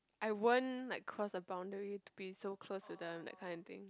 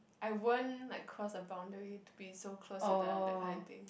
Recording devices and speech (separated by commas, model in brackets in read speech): close-talking microphone, boundary microphone, conversation in the same room